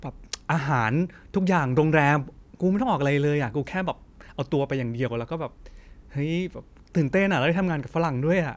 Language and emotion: Thai, happy